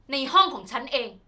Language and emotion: Thai, angry